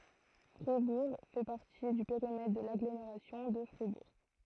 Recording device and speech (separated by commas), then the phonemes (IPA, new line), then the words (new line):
throat microphone, read sentence
fʁibuʁ fɛ paʁti dy peʁimɛtʁ də laɡlomeʁasjɔ̃ də fʁibuʁ
Fribourg fait partie du périmètre de l'Agglomération de Fribourg.